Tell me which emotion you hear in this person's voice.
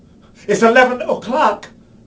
fearful